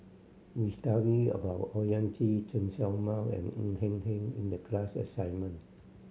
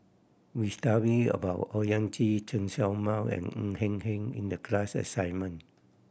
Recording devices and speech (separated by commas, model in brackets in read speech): mobile phone (Samsung C7100), boundary microphone (BM630), read sentence